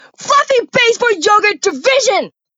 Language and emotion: English, disgusted